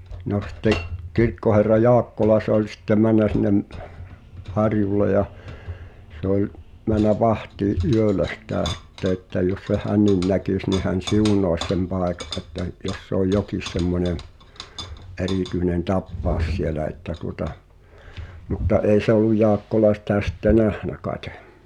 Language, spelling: Finnish, no sitten kirkkoherra Jaakkola se oli sitten mennyt sinne harjulle ja se oli mennyt vahtiin yöllä sitä sitten että jos sen hänkin näkisi niin hän siunaisi sen paikan että - jos se oli jokin semmoinen erityinen tapaus siellä että tuota mutta ei se ollut Jaakkola sitä sitten nähnyt kai
- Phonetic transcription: no sⁱtte’ , 'kirkkoherra "Jaakkola se ‿oĺ sittem 'män̆nä sin̆nem , "harjulle ja , sᵉ ‿oĺ , män̆nä "vahtii’ '’yölä sⁱtä̀ 'sⁱtte ᵉttä jos seh "hännin 'näkìs ni hän "siunòvᵃs sem 'pàeka’ ’että j- , jos se ‿oj 'jokis semmońe , '’erìtyĭnen "tappaaᵒs sielä että tuŏta , mutta 'ei se ‿olluj̆ 'Jaakkola sⁱtä sitte "nähnä kaete .

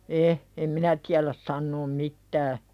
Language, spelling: Finnish, en en minä tiedä sanoa mitään
- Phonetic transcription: e , em 'minä tiäläs sannoom "mittää .

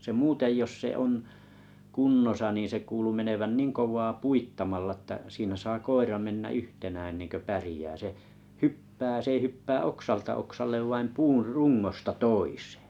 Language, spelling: Finnish, se muuten jos se on kunnossa niin se kuului menevän niin kovaa puittamalla että siinä saa koira mennä yhtenään ennen kuin pärjää se hyppää se ei hyppää oksalta oksalle vaan puun rungosta toiseen
- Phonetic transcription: se 'muutej jos 'se on , 'kunnosa ni se 'kuulu 'menevän "niin 'kov̀aa "puittamalla ᵊttä siinä saa 'koira 'mennä 'yhtenään ‿ennenkö 'pärĭjää se , "hyppää 's ‿ei 'hyppää "oksalta 'oksallev vaim 'puur "rungosta "tois̀ᴇᴇ .

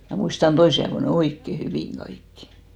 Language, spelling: Finnish, minä muistan toisin ajoin ne oikein hyvin kaikki
- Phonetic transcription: mä 'muistan 'toisi aevo ne "oikke hyvìŋ 'ɢaikkɪ .

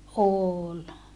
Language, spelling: Finnish, oli
- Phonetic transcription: ool .

